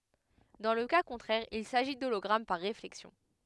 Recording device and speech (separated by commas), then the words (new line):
headset microphone, read sentence
Dans le cas contraire il s'agit d'hologramme par réflexion.